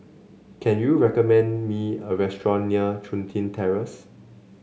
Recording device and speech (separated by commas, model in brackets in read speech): mobile phone (Samsung C7), read sentence